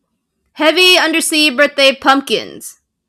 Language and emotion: English, sad